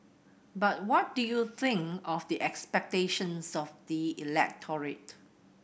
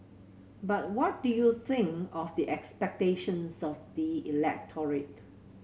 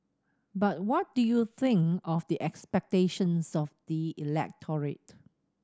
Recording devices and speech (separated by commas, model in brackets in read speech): boundary microphone (BM630), mobile phone (Samsung C7100), standing microphone (AKG C214), read sentence